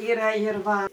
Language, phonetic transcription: Lithuanian, ˈyra ir ˈva

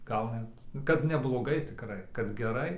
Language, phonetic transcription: Lithuanian, ˈgal net kad nebloˈgai tikˈrai kad geˈrai

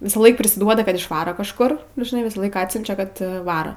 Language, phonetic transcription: Lithuanian, ˈvisąˌlaik prisiˈduoda kad išˈvaro kažˈkur nu žiˈnai ˈvisąˌlaik ˈatsiunčia ˈkad ˈvara

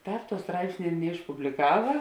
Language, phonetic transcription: Lithuanian, ˈtāp tuo ˈstraipsnė ir neišpubliˈkava

